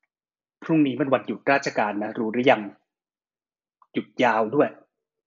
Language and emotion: Thai, frustrated